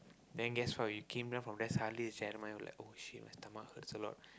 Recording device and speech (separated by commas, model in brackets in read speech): close-talking microphone, conversation in the same room